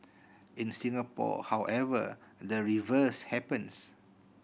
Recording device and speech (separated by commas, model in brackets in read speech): boundary microphone (BM630), read sentence